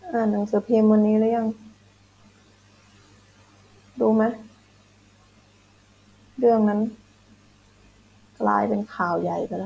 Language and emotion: Thai, sad